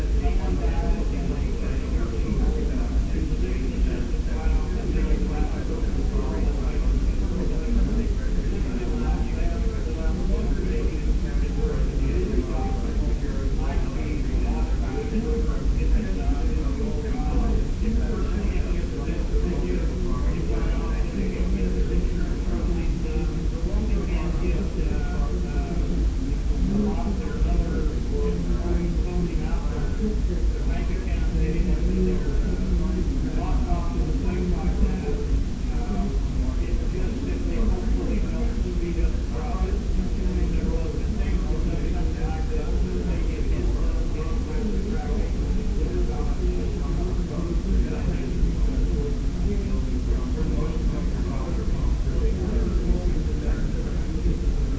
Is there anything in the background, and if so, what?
Crowd babble.